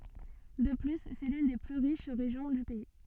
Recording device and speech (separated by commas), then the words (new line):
soft in-ear microphone, read sentence
De plus, c'est l'une des plus riches régions du pays.